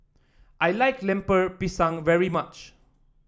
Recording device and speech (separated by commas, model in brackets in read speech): standing microphone (AKG C214), read sentence